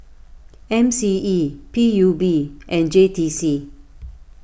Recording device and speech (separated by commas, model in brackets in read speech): boundary microphone (BM630), read sentence